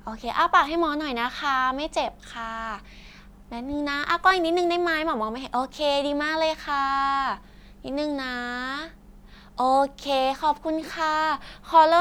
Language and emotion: Thai, happy